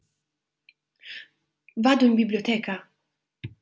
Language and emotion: Italian, surprised